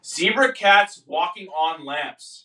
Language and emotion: English, angry